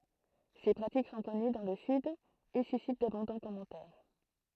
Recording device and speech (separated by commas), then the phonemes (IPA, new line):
throat microphone, read sentence
se pʁatik sɔ̃ kɔny dɑ̃ lə syd e sysit dabɔ̃dɑ̃ kɔmɑ̃tɛʁ